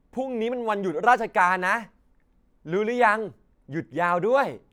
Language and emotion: Thai, happy